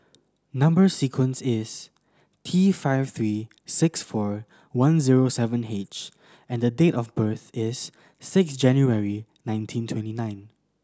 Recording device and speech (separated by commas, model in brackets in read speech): standing microphone (AKG C214), read sentence